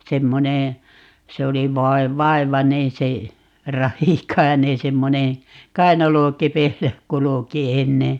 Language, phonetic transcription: Finnish, 'semmoneè , 'se oli 'vai̮- , "vai̮vaneè se , "Rahikai̮neè 'semmoneè , "kainalokepeillä 'kuluki 'enne .
- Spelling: semmoinen se oli - vaivainen se Rahikainen semmoinen kainalokepeillä kulki ennen

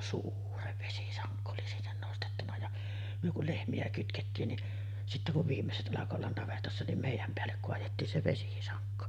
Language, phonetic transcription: Finnish, "suurev 'vesisaŋkko oli sinnen 'nostettuna ja , myö kul 'lehmi₍ä kytkettiin ni , sittä kuv 'viimmeset ’alako ollan 'navetassa nim 'mèij̆jäm peällek koajettiin se 'vesisaŋkko .
- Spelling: suuren vesisangon oli sinne nostettuna ja me kun lehmiä kytkettiin niin sitten kun viimeiset alkoi olla navetassa niin meidän päälle kaadettiin se vesisanko

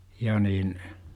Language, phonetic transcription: Finnish, ja niin , .
- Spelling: ja niin

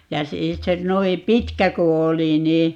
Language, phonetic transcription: Finnish, ja 'sii - se 'noim "pitkä 'ku 'oli nii , .
- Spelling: ja - se noin pitkä kun oli niin

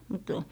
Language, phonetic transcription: Finnish, mut ,.
- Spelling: mutta

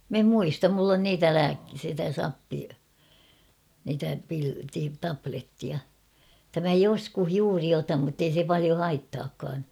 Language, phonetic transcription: Finnish, 'm ‿em "muistam mull ‿on "niitä 'lääk- sitä 'sappi- , niitä pil- ti- "taplettia , [et]tä mä "joskuh 'juuri 'otam muttei se palio "haittaakkaan .
- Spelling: minä en muista minulla on niitä - sitä - niitä - - tablettia että minä joskus juuri otan mutta ei se paljon haittaakaan

